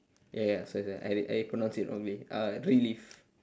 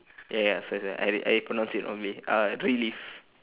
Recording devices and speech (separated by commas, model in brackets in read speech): standing microphone, telephone, conversation in separate rooms